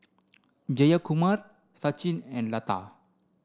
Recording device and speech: standing microphone (AKG C214), read sentence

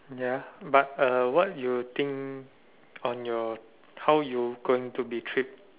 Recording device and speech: telephone, conversation in separate rooms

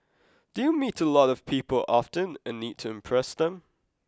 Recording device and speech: close-talking microphone (WH20), read sentence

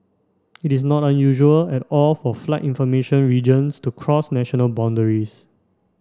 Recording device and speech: standing microphone (AKG C214), read sentence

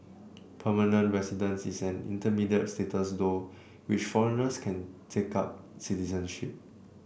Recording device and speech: boundary microphone (BM630), read sentence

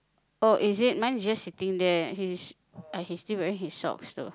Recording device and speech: close-talking microphone, conversation in the same room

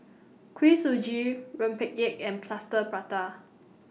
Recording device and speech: mobile phone (iPhone 6), read sentence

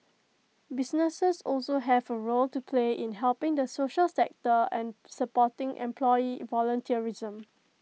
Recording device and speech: mobile phone (iPhone 6), read sentence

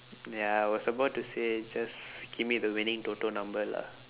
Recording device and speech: telephone, conversation in separate rooms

